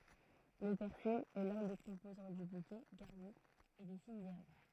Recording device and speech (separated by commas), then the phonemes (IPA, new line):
throat microphone, read sentence
lə pɛʁsil ɛ lœ̃ de kɔ̃pozɑ̃ dy bukɛ ɡaʁni e de finz ɛʁb